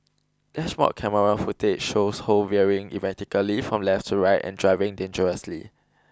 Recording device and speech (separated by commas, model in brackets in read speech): close-talking microphone (WH20), read sentence